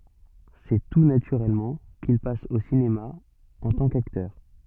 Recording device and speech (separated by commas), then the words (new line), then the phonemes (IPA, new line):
soft in-ear microphone, read sentence
C'est tout naturellement qu'il passe au cinéma en tant qu'acteur.
sɛ tu natyʁɛlmɑ̃ kil pas o sinema ɑ̃ tɑ̃ kaktœʁ